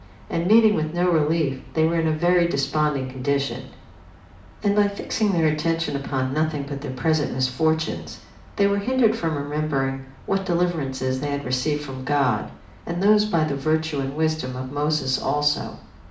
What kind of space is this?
A mid-sized room (about 5.7 m by 4.0 m).